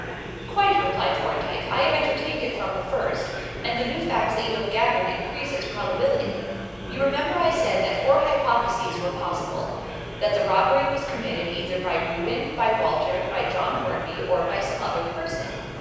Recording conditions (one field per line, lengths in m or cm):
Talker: one person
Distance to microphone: 7.1 m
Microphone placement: far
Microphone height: 1.7 m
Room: very reverberant, large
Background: babble